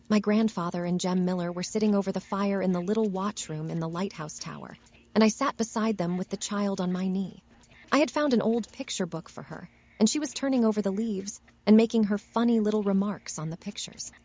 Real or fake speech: fake